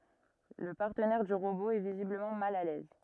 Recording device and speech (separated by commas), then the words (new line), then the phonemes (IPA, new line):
rigid in-ear microphone, read sentence
Le partenaire du robot est visiblement mal à l'aise...
lə paʁtənɛʁ dy ʁobo ɛ vizibləmɑ̃ mal a lɛz